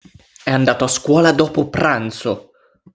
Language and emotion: Italian, angry